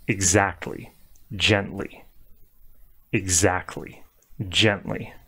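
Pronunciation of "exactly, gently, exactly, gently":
In 'exactly' and 'gently', the t sound is strong and has more emphasis, and the t and l do not blend together.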